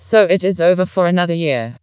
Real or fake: fake